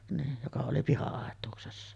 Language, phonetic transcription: Finnish, niij joka oli 'piha₍àet̆tuuksessa .
- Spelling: niin joka oli piha-aitauksessa

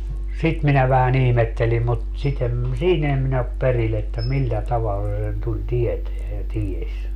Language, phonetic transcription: Finnish, "sit minä vähä'n ‿ihmettelim mut , 'sit ‿em , "siin ‿ee min ‿op 'peril ‿että "millä "tavalla se sen tuĺ 'tieteä ja "tieś .
- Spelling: sitä minä vähän ihmettelin mutta sitä en siinä en minä ole perillä että millä tavalla se sen tuli tietämään ja tiesi

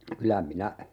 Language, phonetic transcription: Finnish, "kylä 'minä , .
- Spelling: kyllä minä

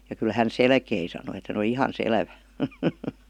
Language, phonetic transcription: Finnish, ja kyl » 'hän "selkei « sanoi et hän ‿°li » "ihan "sel§vä « .
- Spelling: ja kyllä hän selkesi sanoi että hän oli ihan selvä

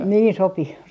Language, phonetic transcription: Finnish, 'niin 'sopi .
- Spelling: niin sopi

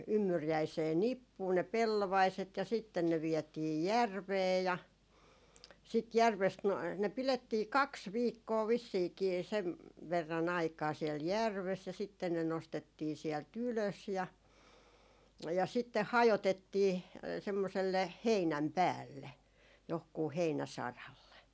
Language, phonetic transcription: Finnish, 'ymmyrjäisee "nippuu ne 'pellovaiset ja sitten ne 'viɛtii "järvee ja , sit 'järvest no , ne 'pilettii "kaks 'viikkoo 'vissiikii , sev , verra'n ‿aikaa siel "järves ja sitten ne 'nostettii siɛl"t ‿ylös ja , ja sitteh 'hajotettii , 'semmoselle 'heinäm "päälle , johkuu 'heinäsaralle .
- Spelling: ymmyriäiseen nippuun ne pellovaiset ja sitten ne vietiin järveen ja sitten järvestä no ne pidettiin kaksi viikkoa vissiinkin sen verran aikaa siellä järvessä ja sitten ne nostettiin sieltä ylös ja ja sitten hajotettiin semmoiselle heinän päälle johonkin heinäsaralle

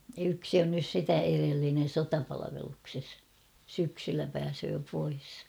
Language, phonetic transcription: Finnish, yksi on nys 'sitä erellinen "sotapalavelukses ; 'syksyllä pääsöö pois .
- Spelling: yksi on nyt sitä edellinen sotapalveluksessa syksyllä pääsee pois

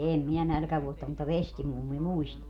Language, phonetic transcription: Finnish, 'eem minä 'nälkävuotta mutta "vestimummi "muist .
- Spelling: en minä nälkävuotta mutta vestimummi muisti

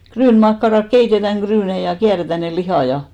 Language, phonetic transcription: Finnish, 'kryynmakkarak 'keitetäŋ 'ɢryynei ja 'kiäretä ne 'lihà ja .
- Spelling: ryynimakkarat keitetään ryynejä ja kierretään ne lihat ja

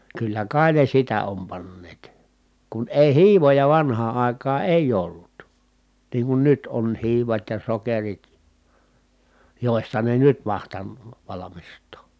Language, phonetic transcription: Finnish, kyllä kai ne sitä om panneet , kun èi hiivoja vanhaa ài̮kaa èij ‿ollut , niiŋ kun nyt on hiivat ja sokerit , jòista ne nyt mahtann(ò) valamist̀oo .
- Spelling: kyllä kai ne sitä on panneet kun ei hiivoja vanhaan aikaan ei ollut niin kun nyt on hiivat ja sokerit joista ne nyt mahtanut valmistaa

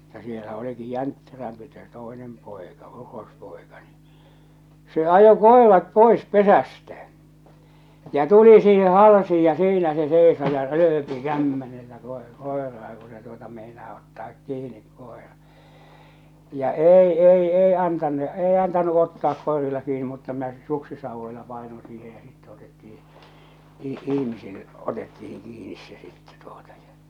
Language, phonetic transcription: Finnish, mutta sielä oliki "jäntterämpi se "tòenem 'pòeka , 'uros'pòeka ni , se 'ajo "kòerat "pòes "pesästä , ja 'tuli siihe "halsiij ja "siinä se 'sèiso ja "rööpi 'kämmenellä kòe- 'kòeraa ku se tuota mèinaa ottaak "kiinik 'kòera , ja 'èi 'èi 'ei antannu 'ei antanu ottaak kòerilla kiini mutta minä ˢᵉ , 'suksisauvvoila pàenon siihe ja 'sitte otetti₍i , ih- 'ihmisil , 'otettihin 'kiinis se sitte tuotᴀ ᴊᴀ .
- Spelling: mutta siellä olikin jäntterämpi se toinen poika urospoika niin se ajoi koirat pois pesästä ja tuli siihen halsiin ja siinä se seisoi ja rööpi kämmenellä - koiraa kun se tuota meinaa ottaa kiinni koira ja ei ei ei antanut ei antanut ottaa koirilla kiinni mutta minä se suksisauvoilla painoin siihen ja sitten otettiin - ihmisillä otettiin kiinni se sitten tuota ja

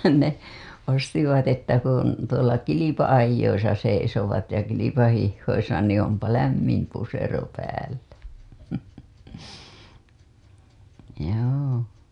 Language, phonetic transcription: Finnish, ne , ostivat että kun , tuola 'kilipa‿ajjoisa seisovat ja 'kilipahihhoisa ni ‿ ompa "lämmim pusero päällä , joo .
- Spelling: ne ostivat että kun tuolla kilpa-ajoissa seisovat ja kilpahiihdoissa niin - onpa lämmin pusero päällä joo

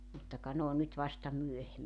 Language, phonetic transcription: Finnish, mutta ka 'n ‿oon nyt vasta 'myöhemmi .
- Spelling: mutta ka ne on nyt vasta myöhemmin

